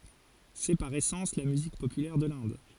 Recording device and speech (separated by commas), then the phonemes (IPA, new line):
forehead accelerometer, read sentence
sɛ paʁ esɑ̃s la myzik popylɛʁ də lɛ̃d